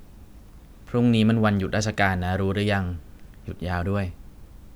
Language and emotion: Thai, neutral